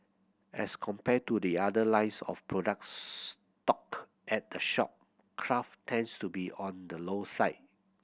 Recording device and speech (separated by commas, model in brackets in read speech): boundary microphone (BM630), read sentence